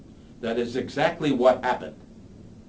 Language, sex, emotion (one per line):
English
male
angry